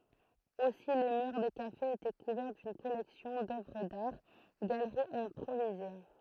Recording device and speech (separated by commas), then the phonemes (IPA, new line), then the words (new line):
throat microphone, read sentence
osi le myʁ de kafez etɛ kuvɛʁ dyn kɔlɛksjɔ̃ dœvʁ daʁ ɡaləʁiz ɛ̃pʁovize
Aussi les murs des cafés étaient couverts d'une collection d'œuvres d'art, galeries improvisées.